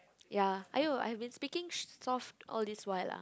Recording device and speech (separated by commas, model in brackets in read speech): close-talking microphone, conversation in the same room